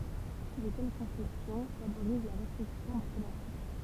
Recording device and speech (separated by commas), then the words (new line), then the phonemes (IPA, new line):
temple vibration pickup, read sentence
De telles conceptions favorisent la réflexion mathématique.
də tɛl kɔ̃sɛpsjɔ̃ favoʁiz la ʁeflɛksjɔ̃ matematik